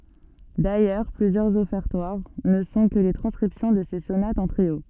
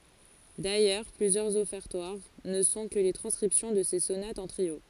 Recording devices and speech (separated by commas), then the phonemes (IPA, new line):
soft in-ear microphone, forehead accelerometer, read sentence
dajœʁ plyzjœʁz ɔfɛʁtwaʁ nə sɔ̃ kə le tʁɑ̃skʁipsjɔ̃ də se sonatz ɑ̃ tʁio